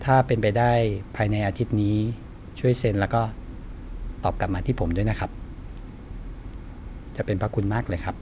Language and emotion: Thai, neutral